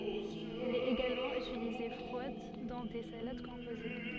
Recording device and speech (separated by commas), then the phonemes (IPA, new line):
soft in-ear microphone, read sentence
ɛl ɛt eɡalmɑ̃ ytilize fʁwad dɑ̃ de salad kɔ̃poze